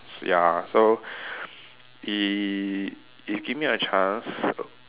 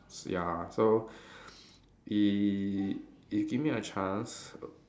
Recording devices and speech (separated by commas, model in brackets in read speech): telephone, standing microphone, conversation in separate rooms